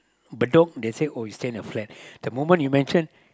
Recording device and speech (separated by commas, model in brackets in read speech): close-talking microphone, conversation in the same room